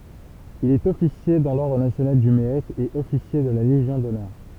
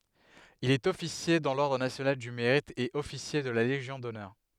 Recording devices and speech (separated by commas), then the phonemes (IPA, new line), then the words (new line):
temple vibration pickup, headset microphone, read sentence
il ɛt ɔfisje dɑ̃ lɔʁdʁ nasjonal dy meʁit e ɔfisje də la leʒjɔ̃ dɔnœʁ
Il est officier dans l’ordre national du Mérite et officier de la Légion d'honneur.